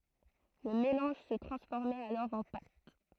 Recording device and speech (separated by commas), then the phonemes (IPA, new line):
throat microphone, read sentence
lə melɑ̃ʒ sə tʁɑ̃sfɔʁmɛt alɔʁ ɑ̃ pat